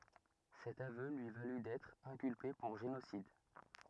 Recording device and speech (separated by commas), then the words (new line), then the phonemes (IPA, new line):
rigid in-ear microphone, read sentence
Cet aveu lui valut d'être inculpé pour génocide.
sɛt avø lyi valy dɛtʁ ɛ̃kylpe puʁ ʒenosid